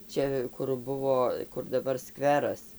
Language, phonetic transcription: Lithuanian, ˈčia kur ˈbuvo kur daˈbar ˈskveras

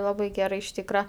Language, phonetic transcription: Lithuanian, ˈlabai ˈgerai iš ˈtykra

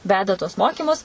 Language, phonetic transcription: Lithuanian, ˈveda tuos ˈmokymus

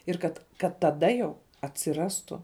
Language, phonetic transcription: Lithuanian, ir ˈkad kad taˈda jau atsiˈrastu

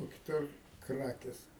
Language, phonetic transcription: Lithuanian, o kiˈtur ˈkrakės

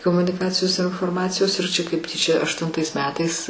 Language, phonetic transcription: Lithuanian, komuniˈkacijos ir inforˈmacijos ir čia kaip ˈtyčia aštunˈtais ˈmetais

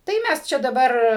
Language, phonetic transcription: Lithuanian, tai ˈmæs ˈčia daˈbar

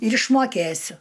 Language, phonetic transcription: Lithuanian, ir išmoˈkėsiu

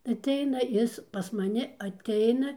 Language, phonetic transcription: Lithuanian, atˈeina ˈis pas maˈni atˈeina

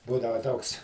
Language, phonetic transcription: Lithuanian, ˈbūdava ˈtoks

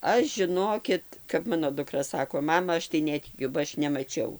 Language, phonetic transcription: Lithuanian, ˈaš žiˈnokit kap ˈmano duˈkra ˈsako ˈmama ˈaš tai ˈnetikiu ba ˈaš nemaˈčiau

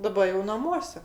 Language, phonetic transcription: Lithuanian, daˈba jau naˈmuose

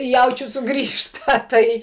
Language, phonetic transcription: Lithuanian, ˈjaučiu suˈgrįžta ˈtai

